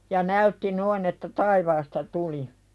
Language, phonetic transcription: Finnish, ja 'näytti noin ‿että "taivaasta tuli .
- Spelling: ja näytti noin että taivaasta tuli

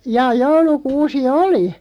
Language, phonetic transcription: Finnish, jaa 'joulu'kuusi "oli .
- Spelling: jaa joulukuusi oli

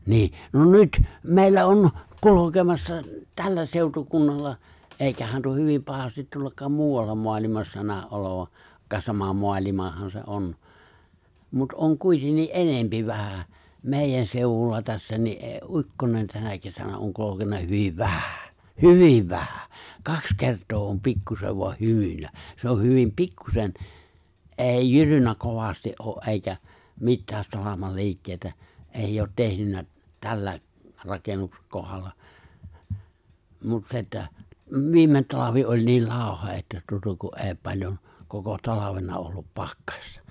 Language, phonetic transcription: Finnish, niiʰ , no "nyt , "mèi̬llä on , "kulu̬kemassa , 'tällä 'sèutukunnalla , '’èi̬kähän tuo "hyvim 'pahastit 'tuollak̀aam "muuwalla 'moalimassa 'nää’ '’olova , -ka 'sama 'moalimahan se '’on , mut '’oŋ 'kuitennii "’enempi vähä , "mèijän 'sèuwulla tässä ni '’ee- '’u͕kkonen tänä kesänä oŋ 'kulokena 'hyviv "vähᴀ̈ , "hyviv 'vähᴀ̈ , "kaks 'kert̀oo om 'pikkusev voa 'hymyn̆nä , 'se oh̆ hyvim "pikkusen , '’èi "jyrynnä 'kovasti’ '’oo’ '’eikä , "mittääs 'salamal "li̬ikkèitä , '’èijj ‿oot 'tehnynnä , 'tällä , 'rakennuks- , 'kohalla , mut 'se että , "viimet 'talavi oĺ nii "làoha 'ᵉttä tuota ku '’e̬e̬ⁱ 'paĺjon , 'koko "talavena ollup "pakkᴀstᴀ .
- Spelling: niin no nyt meillä on kulkemassa tällä seutukunnalla eikä tuo hyvin pahasti tuollakaan muualla maailmassa näy olevan - sama maailmahan se on mutta on kuitenkin enemmän vähän meidän seudulla tässä niin - ukkonen tänä kesänä on kulkenut hyvin vähän hyvin vähän kaksi kertaa on pikkuisen vain hymynnyt se on hyvin pikkuisen ei jyrynnyt kovasti ole eikä mitään salaman liikkeitä ei ole tehnyt tällä - kohdalla mutta se että viime talvi oli niin lauha että tuota kun ei paljon koko talvena ollut pakkasta

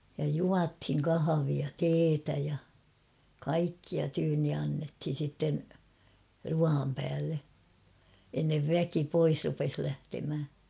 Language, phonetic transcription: Finnish, ja 'juathiŋ "kahavia "teetä ja , "kaikkia tyynni 'annethin̬ sitten , 'ruaam päälle , ennev "väki 'pois rupes lähtemhä .
- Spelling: ja juotiin kahvia teetä ja kaikkia tyynni annettiin sitten ruoan päälle ennen väki pois rupesi lähtemään

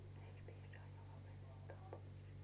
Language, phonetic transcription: Finnish, eiks 'piisaa jo , 'lopetettaam "pois .
- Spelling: eikös piisaa jo lopetetaan pois

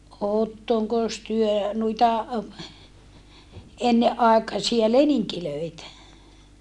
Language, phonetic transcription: Finnish, ottoŋkos työ nuita , enneʼ ʼàekasia leniŋkilöitä ?
- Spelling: olettekos te noita ennen aikaisia leninkejä

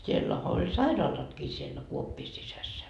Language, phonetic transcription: Finnish, siellähä oĺ "sairaalatkii siellä 'kuoppii sisässä .
- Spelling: siellähän oli sairaalatkin siellä kuoppien sisässä

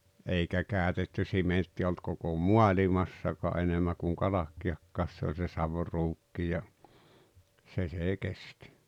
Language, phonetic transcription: Finnish, 'eikä 'kä̀ötetty 'simenttiᵃ̈ olt koko "mualimassaka̳ '’enemmä kuŋ "kalakki₍akkaas se oĺ se "savruukki ja , 'se sè "kest́ .
- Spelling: eikä käytetty sementtiä ollut koko maailmassakaan enemmän kuin kalkkiakaan se oli se saviruukki ja se se kesti

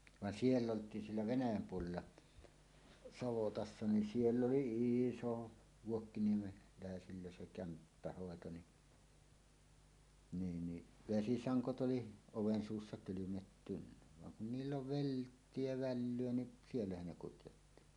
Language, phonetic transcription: Finnish, van "siell ‿olt̀iin 'siellä "Venäjäm 'puolella , 'savotassa nin "siell ‿oli "ìso , 'vuokkiniemelä̀esillä se kämppähòeto ni , 'niin ni , "vesisaŋkot ’oli , 'oven 'suussa "kylymettynnä , vaŋ kun niill ‿oli "velttie ja 'vällyö ni , 'siellähän ne kutjotti .
- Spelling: vaan siellä oltiin siellä Venäjän puolella savotassa niin siellä oli iso vuokkiniemeläisillä se kämppähoito niin niin niin vesisangot oli oven suussa kylmettynyt vaan kun niillä oli vilttiä ja vällyä niin siellähän ne kutjotti

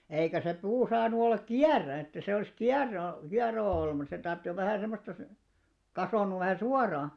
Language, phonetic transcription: Finnish, eikä se 'puu saanu ollak "kiär̆rä että se olⁱs "kiaro , kiaroo olium mut se 'tarttⁱ jo vähä̀ sem̆mosta , 'kasònnuv vähä̀ "suaraa .
- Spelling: eikä se puu saanut olla kierä että se olisi kiero kieroon ollut mutta se tarvitsi jo vähän semmoista kasvanut vähän suoraan

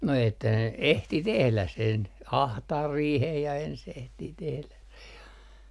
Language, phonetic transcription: Finnish, no että ne "ehti 'tehlä sen , "ahtaar 'riihej ja ens ehtii tehläs se ja ,.
- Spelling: no että ne ehti tehdä sen ahtaa riihen ja ensin ehtii tehdä se ja

